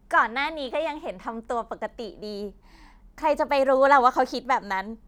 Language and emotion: Thai, happy